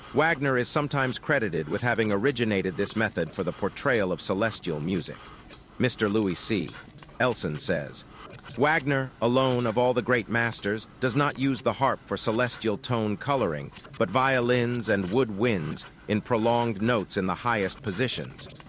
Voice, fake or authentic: fake